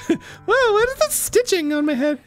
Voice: Falsetto